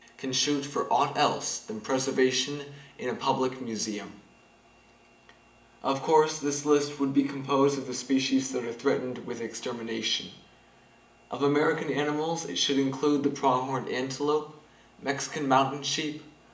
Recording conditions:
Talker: one person; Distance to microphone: 1.8 m; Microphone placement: close; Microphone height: 1.0 m; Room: large; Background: none

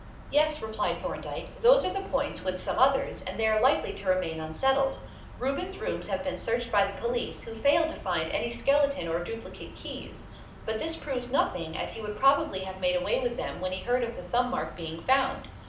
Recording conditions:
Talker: one person; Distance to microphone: 2.0 m; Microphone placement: close; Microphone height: 99 cm; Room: medium-sized (5.7 m by 4.0 m); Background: television

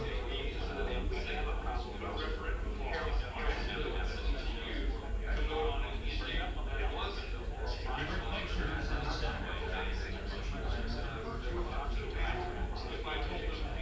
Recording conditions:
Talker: no one; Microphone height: 1.8 m; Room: large; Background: babble

